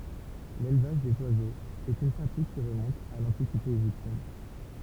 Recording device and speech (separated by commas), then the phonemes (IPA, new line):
temple vibration pickup, read sentence
lelvaʒ dez wazoz ɛt yn pʁatik ki ʁəmɔ̃t a lɑ̃tikite eʒiptjɛn